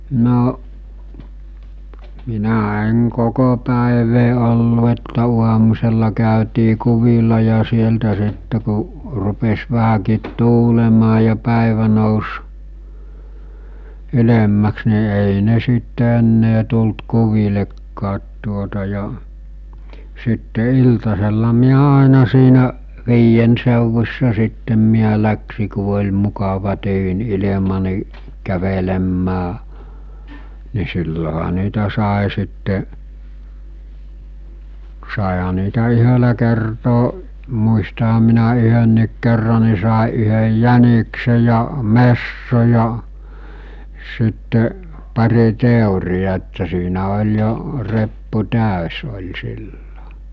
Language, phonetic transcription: Finnish, 'no’ , 'minä 'eŋ 'koko pä̀evee ollu että 'uamusella kä̀ötii 'kuvila ja 'sieltä sitte ku , rupes 'vähäkiit 'tuulemaa ja 'pä̀evä nòus , 'ylemmäks ni èi ne 'sitte ennee tult 'kuvilekkaat tuota ja , sitte 'iltasella miä 'àena siinä’ , 'viijen sèuvus̜sa sittem miä läksi ku oĺ mukava tyyn 'ilema nì , kävelemmää , ni silloha niitä sàe sitte’ , sàeha niitä 'yhölä kertoo , muistaham minä 'yhönniik kerra ni sàe ’yhəj "jänikse ja , "messo ja , sitte , pari 'tèurija että siinä oĺ jo , 'reppu 'tä̀ös oĺ 'sillo .
- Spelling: no minä en koko päivää ollut että aamusella käytiin kuvilla ja sieltä sitten kun rupesi vähänkin tuulemaan ja päivä nousi ylemmäksi niin ei ne sitten enää tullut kuvillekaan tuota ja sitten iltasella minä aina siinä viiden seudussa sitten minä lähdin kun oli mukava tyyni ilma niin kävelemään niin silloinhan niitä sai sitten saihan niitä yhdellä kertaa muistanhan minä yhdenkin kerran niin sai yhden jäniksen ja metson ja sitten pari teertä että siinä oli jo reppu täysi oli silloin

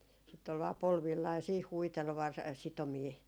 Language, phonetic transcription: Finnish, sitt ‿ol vaa 'polvillaa ja siih 'huitel 'var- , 'sitomii .
- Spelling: sitten oli vain polvillaan ja siihen huiteli - sitomia

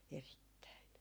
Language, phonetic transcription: Finnish, "erittäin .
- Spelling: erittäin

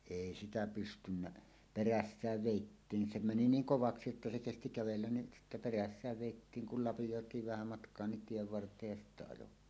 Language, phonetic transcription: Finnish, 'èi sitä pystynnä , "perässääv 'vèittiiŋ se meni "niiŋ "kovaksi että se 'kesti "kävellän ni sittä 'perässääv 'vèittiiŋ kul 'lapijòet̀iiv vähä matk̀oa nin "tiev 'vart̀eej ja sittä 'ajo .
- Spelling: ei sitä pystynyt perässä vedettiin se meni niin kovaksi että se kesti kävellä niin sitten perässä vedettiin kun lapioitiin vähän matkaa niin tien varteen ja sitten ajoi

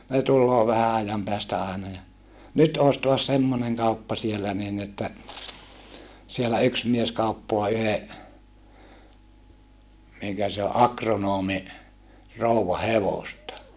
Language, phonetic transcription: Finnish, ne tulloo vähä ajam peästä àena ja , » nyt oos toas semmoneŋ kauppa siellä niin että , sielä yks mies kauppoa yhe , miŋkä se o ʼakronoomi , rouwa hevosta .
- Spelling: ne tulee vähän ajan päästä aina ja nyt olisi taas semmoinen kauppa siellä niin että siellä yksi mies kauppaa yhden minkä se on agronomin rouvan hevosta

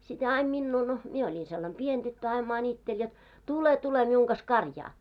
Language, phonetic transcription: Finnish, sit 'hää aim 'minnuu no , 'mie oĺin sellam "pien 'ᴅyttö aim 'mańitteĺ jot » 'tule 'tule miuŋ kas "karjaa « .
- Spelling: sitten hän aina minua no minä olin sellainen pieni tyttö aina maanitteli jotta tule tule minun kanssa karjaan

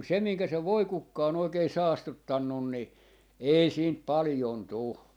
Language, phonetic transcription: Finnish, mut 'sem miŋkä se "voikukka on 'oikee "saastuttannun ni , 'ei siint "palⁱjon 'tu .
- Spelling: mutta sen minkä se voikukka on oikein saastuttanut niin ei siitä paljon tule

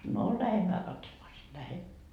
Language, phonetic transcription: Finnish, no 'lähemmää katsomaa si- , 'lähen .
- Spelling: no lähdemme katsomaan - lähden

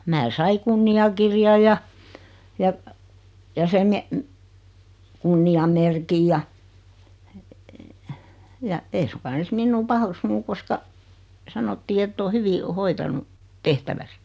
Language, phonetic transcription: Finnish, mää 'sai "kunniakirjaʲ ja , ja , ja 'sem me- , 'kunniamerkij ja , ja , 'ei suŋka 'ne (olis) "minnuu "pah(uk)sunu koska , 'sanottii ett ‿oo 'hyvi , 'hoitanu , "tehtäväs .
- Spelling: minä sain kunniakirjan ja ja ja sen - kunniamerkin ja ja ei suinkaan ne olisi minua paheksunut koska sanottiin että on hyvin hoitanut tehtävänsä

